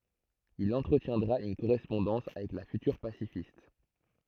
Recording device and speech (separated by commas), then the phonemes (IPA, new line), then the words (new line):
throat microphone, read sentence
il ɑ̃tʁətjɛ̃dʁa yn koʁɛspɔ̃dɑ̃s avɛk la fytyʁ pasifist
Il entretiendra une correspondance avec la future pacifiste.